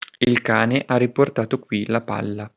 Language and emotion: Italian, neutral